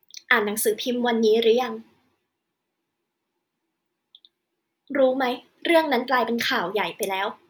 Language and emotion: Thai, frustrated